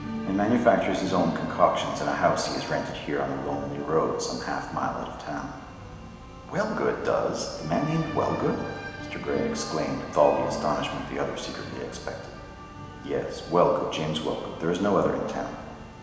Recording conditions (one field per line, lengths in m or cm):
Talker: one person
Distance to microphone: 1.7 m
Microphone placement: close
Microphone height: 1.0 m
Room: very reverberant, large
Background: music